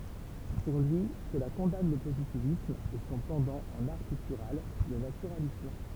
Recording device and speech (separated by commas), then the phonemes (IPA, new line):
temple vibration pickup, read sentence
puʁ lyi səla kɔ̃dan lə pozitivism e sɔ̃ pɑ̃dɑ̃ ɑ̃n aʁ piktyʁal lə natyʁalism